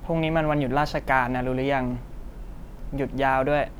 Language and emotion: Thai, neutral